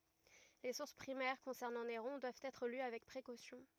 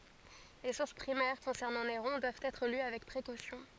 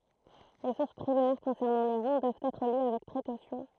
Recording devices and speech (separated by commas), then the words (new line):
rigid in-ear microphone, forehead accelerometer, throat microphone, read sentence
Les sources primaires concernant Néron doivent être lues avec précaution.